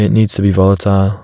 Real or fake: real